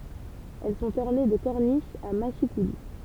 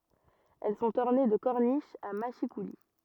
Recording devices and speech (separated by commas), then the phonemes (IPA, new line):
temple vibration pickup, rigid in-ear microphone, read sentence
ɛl sɔ̃t ɔʁne də kɔʁniʃz a maʃikuli